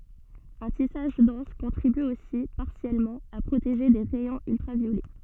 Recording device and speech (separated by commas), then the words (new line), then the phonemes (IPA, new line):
soft in-ear microphone, read sentence
Un tissage dense contribue aussi, partiellement, à protéger des rayons ultraviolets.
œ̃ tisaʒ dɑ̃s kɔ̃tʁiby osi paʁsjɛlmɑ̃ a pʁoteʒe de ʁɛjɔ̃z yltʁavjolɛ